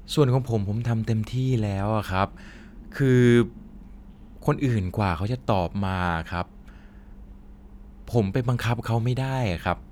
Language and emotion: Thai, frustrated